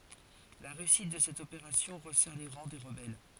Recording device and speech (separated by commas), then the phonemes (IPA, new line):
forehead accelerometer, read sentence
la ʁeysit də sɛt opeʁasjɔ̃ ʁəsɛʁ le ʁɑ̃ de ʁəbɛl